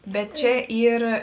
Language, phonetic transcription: Lithuanian, ˈbet ˈčia ˈyr

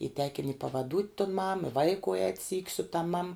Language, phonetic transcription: Lithuanian, y tekin' i pavaˈdūt' tun mam i ˈvaiku ēt' syk' su tam mam

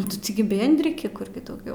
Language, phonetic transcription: Lithuanian, ˈnu ti tiˈgi ˈbėndriki ˈkur gi dauˈgiau

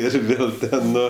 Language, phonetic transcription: Lithuanian, ir ˈvėl ˈten ˈnu

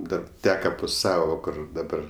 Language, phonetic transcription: Lithuanian, ˈdar ˈteka pu ˈsavo ˈkur daˈbar

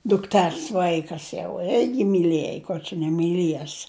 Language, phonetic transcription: Lithuanian, dukˈters ˈvaikas jau ˈirgi myˈliej kur čia nemyˈlies

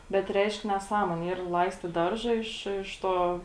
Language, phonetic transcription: Lithuanian, bet ˈreišk neˈsąmuonė yr ˈlaistit ˈdarža iš iš ˈto

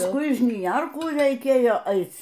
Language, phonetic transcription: Lithuanian, pasˈkui i žniˈjerkų reiˈkėjo ˈaic

